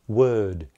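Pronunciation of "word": In 'word', the final d is only slightly pronounced. It is not a full d, and it is definitely not a t.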